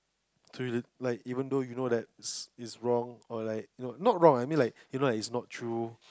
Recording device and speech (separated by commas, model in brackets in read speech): close-talking microphone, conversation in the same room